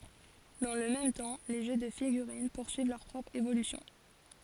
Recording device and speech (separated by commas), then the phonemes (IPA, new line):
forehead accelerometer, read sentence
dɑ̃ lə mɛm tɑ̃ le ʒø də fiɡyʁin puʁsyiv lœʁ pʁɔpʁ evolysjɔ̃